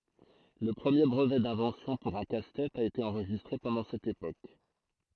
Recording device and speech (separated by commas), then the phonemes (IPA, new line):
throat microphone, read sentence
lə pʁəmje bʁəvɛ dɛ̃vɑ̃sjɔ̃ puʁ œ̃ kastɛt a ete ɑ̃ʁʒistʁe pɑ̃dɑ̃ sɛt epok